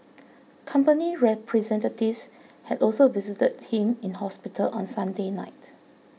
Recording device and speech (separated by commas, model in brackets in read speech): mobile phone (iPhone 6), read sentence